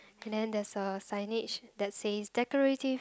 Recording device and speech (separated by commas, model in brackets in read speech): close-talking microphone, conversation in the same room